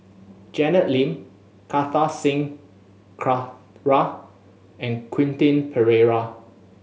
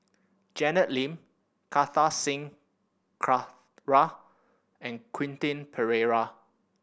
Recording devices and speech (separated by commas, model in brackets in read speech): mobile phone (Samsung S8), boundary microphone (BM630), read sentence